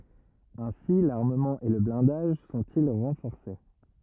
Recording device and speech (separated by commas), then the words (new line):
rigid in-ear microphone, read sentence
Ainsi l'armement et le blindage sont-ils renforcés.